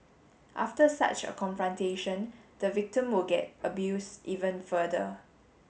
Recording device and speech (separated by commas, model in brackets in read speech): mobile phone (Samsung S8), read sentence